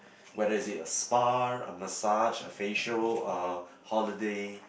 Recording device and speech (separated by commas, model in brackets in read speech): boundary microphone, conversation in the same room